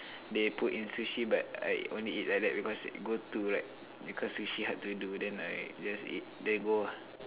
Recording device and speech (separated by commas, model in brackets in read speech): telephone, conversation in separate rooms